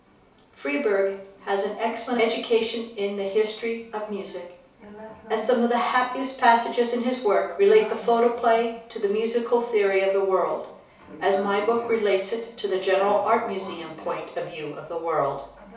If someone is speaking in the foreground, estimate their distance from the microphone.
3.0 m.